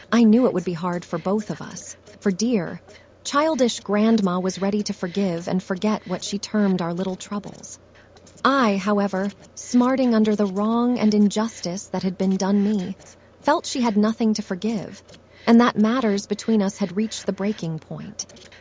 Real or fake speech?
fake